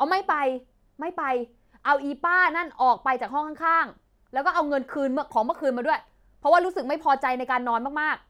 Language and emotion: Thai, angry